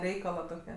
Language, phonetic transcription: Lithuanian, ˈreikala toˈke

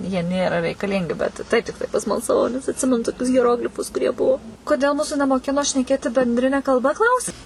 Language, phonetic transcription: Lithuanian, jie ˈnėra reikaˈlingi ˈbet taip ˈtiktai pasmalsaˈvau nes atˈsimenu toˈkius hieˈroglifus kuˈrie ˈbuo koˈdėl ˈmūsu nemoˈkino šneˈkėti benˈdrine kalˈba ˈklausi

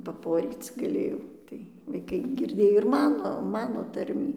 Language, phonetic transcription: Lithuanian, paˈporyc gaˈlėjau ˈtai vaiˈkai ˈgirdėj ir ˈmano ˈmano ˈtarmį

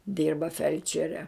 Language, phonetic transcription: Lithuanian, ˈdyrba ˈfelčere

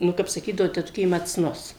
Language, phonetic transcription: Lithuanian, ˈnu kap saˈkydavo teˈtukė maˈcnus

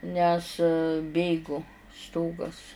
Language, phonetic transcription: Lithuanian, ˈnes ˈbėgu ˈstogas

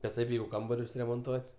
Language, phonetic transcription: Lithuanian, bet ˈtaip ˈjeigu ˈkambarius remonˈtuot'

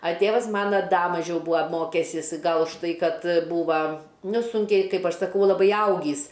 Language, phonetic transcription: Lithuanian, a ˈtėvas ˈmana ˈda maˈžiau ˈbūa ˈmokesis ˈgal užˈtai ˈkad ˈbūva ˈnu ˈsūnkiai ˈkaip ˈaš saˈkau laˈbai ˈaugįs

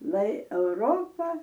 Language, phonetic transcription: Lithuanian, lai euˈropa

